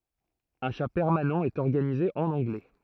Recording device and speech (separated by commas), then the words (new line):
throat microphone, read sentence
Un chat permanent est organisé en anglais.